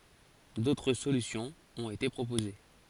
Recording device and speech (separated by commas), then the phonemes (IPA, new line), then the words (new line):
forehead accelerometer, read sentence
dotʁ solysjɔ̃z ɔ̃t ete pʁopoze
D'autres solutions ont été proposées.